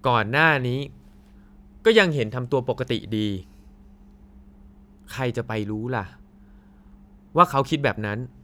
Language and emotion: Thai, frustrated